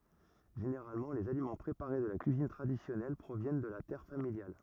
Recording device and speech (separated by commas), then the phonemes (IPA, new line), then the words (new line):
rigid in-ear microphone, read sentence
ʒeneʁalmɑ̃ lez alimɑ̃ pʁepaʁe də la kyizin tʁadisjɔnɛl pʁovjɛn də la tɛʁ familjal
Généralement, les aliments préparés de la cuisine traditionnelle proviennent de la terre familiale.